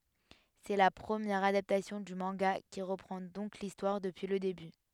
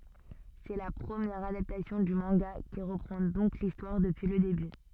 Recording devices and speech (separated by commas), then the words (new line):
headset microphone, soft in-ear microphone, read sentence
C'est la première adaptation du manga qui reprend donc l'histoire depuis le début.